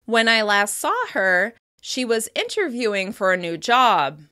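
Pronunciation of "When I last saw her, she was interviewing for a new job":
There is a slight rise in pitch after 'When I last saw her', at the comma, which signals that the thought is not finished yet.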